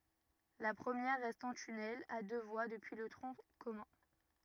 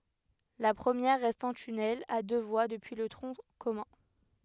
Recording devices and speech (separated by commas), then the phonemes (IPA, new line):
rigid in-ear microphone, headset microphone, read sentence
la pʁəmjɛʁ ʁɛst ɑ̃ tynɛl a dø vwa dəpyi lə tʁɔ̃ kɔmœ̃